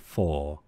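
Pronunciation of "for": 'For' is pronounced in its strong form, as a full 'for', not weakly as 'fa'.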